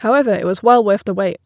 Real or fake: real